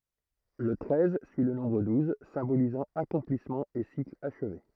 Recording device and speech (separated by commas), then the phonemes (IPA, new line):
throat microphone, read sentence
lə tʁɛz syi lə nɔ̃bʁ duz sɛ̃bolizɑ̃ akɔ̃plismɑ̃ e sikl aʃve